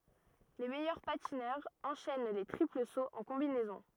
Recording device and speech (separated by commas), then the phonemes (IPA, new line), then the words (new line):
rigid in-ear microphone, read sentence
le mɛjœʁ patinœʁz ɑ̃ʃɛn le tʁipl soz ɑ̃ kɔ̃binɛzɔ̃
Les meilleurs patineurs enchaînent les triples sauts en combinaison.